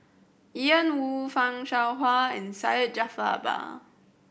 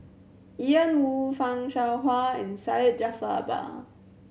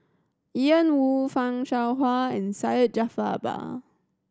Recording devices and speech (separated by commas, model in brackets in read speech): boundary microphone (BM630), mobile phone (Samsung C7100), standing microphone (AKG C214), read sentence